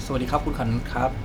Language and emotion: Thai, neutral